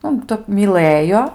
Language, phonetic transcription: Lithuanian, ˈnu ˈtəp myˈləjo

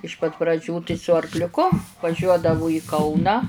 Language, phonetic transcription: Lithuanian, iš pat praˈdžių tai su arkliuˈku vaˈžiuodavu į ˈkauną

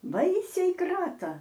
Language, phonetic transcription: Lithuanian, ˈbaisiai ˈkrata

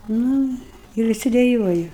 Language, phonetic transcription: Lithuanian, ˈnu ir viˈsi deˈjuoji

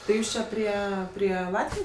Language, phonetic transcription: Lithuanian, tai ˈjūs ˈčia ˈprie prie ˈlatvijos

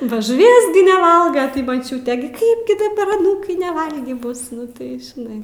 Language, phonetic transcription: Lithuanian, ba žuˈvies gi neˈvalga tai maˈčiūtė gi ˈkaip gi daˈbar aˈnūkai neˈvalgį ˈbus ˈnu tai žiˈnai

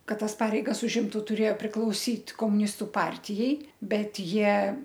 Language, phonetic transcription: Lithuanian, ˈkad ˈtas ˈpareigas užˈimtu tuˈrėjo priklauˈsyt komuˈnistu ˈpartijai ˈbet ˈjie

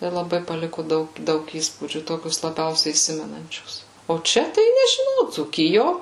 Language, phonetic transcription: Lithuanian, tai laˈbai paˈliku ˈdaug ˈdaug ˈįspūdžių ˈtokius laˈbiausiai įˈsimenančius o ˈčia tai nežiˈnau dzūˈkijo

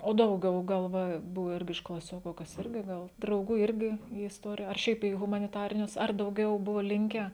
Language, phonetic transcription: Lithuanian, o dauˈgiau ˈgal ˈva ˈbuvu ˈirgi iš klaˈsioku kas ˈirgi ˈgal drauˈgų ˈirgi į isˈtorija ar ˈšiaip į humaniˈtarinius ar dauˈgiau ˈbuvo ˈlinkę

